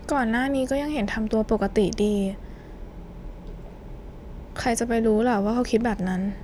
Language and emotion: Thai, sad